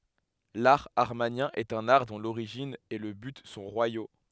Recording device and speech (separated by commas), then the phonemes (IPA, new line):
headset microphone, read sentence
laʁ amaʁnjɛ̃ ɛt œ̃n aʁ dɔ̃ loʁiʒin e lə byt sɔ̃ ʁwajo